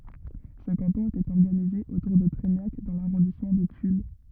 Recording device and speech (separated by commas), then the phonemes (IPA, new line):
rigid in-ear microphone, read sentence
sə kɑ̃tɔ̃ etɛt ɔʁɡanize otuʁ də tʁɛɲak dɑ̃ laʁɔ̃dismɑ̃ də tyl